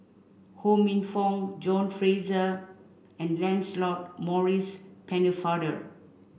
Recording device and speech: boundary microphone (BM630), read sentence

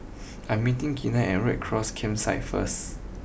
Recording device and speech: boundary microphone (BM630), read sentence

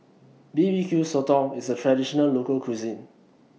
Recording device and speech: mobile phone (iPhone 6), read sentence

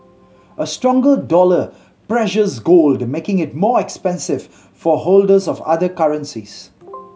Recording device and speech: mobile phone (Samsung C7100), read sentence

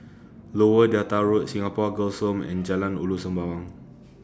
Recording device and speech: standing microphone (AKG C214), read sentence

